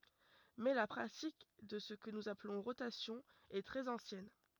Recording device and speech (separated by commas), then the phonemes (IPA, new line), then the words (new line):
rigid in-ear microphone, read sentence
mɛ la pʁatik də sə kə nuz aplɔ̃ ʁotasjɔ̃ ɛ tʁɛz ɑ̃sjɛn
Mais la pratique de ce que nous appelons rotation est très ancienne.